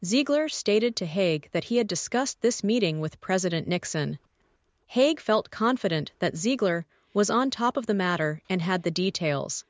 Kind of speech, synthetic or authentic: synthetic